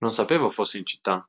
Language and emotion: Italian, surprised